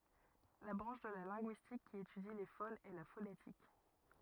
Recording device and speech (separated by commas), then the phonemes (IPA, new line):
rigid in-ear microphone, read sentence
la bʁɑ̃ʃ də la lɛ̃ɡyistik ki etydi le fonz ɛ la fonetik